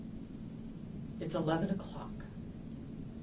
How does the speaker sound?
neutral